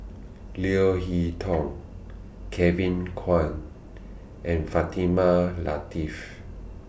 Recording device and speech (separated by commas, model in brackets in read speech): boundary microphone (BM630), read sentence